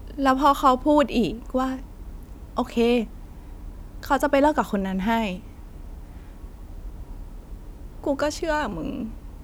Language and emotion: Thai, sad